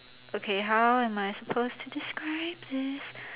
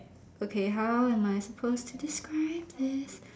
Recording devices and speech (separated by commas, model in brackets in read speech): telephone, standing microphone, conversation in separate rooms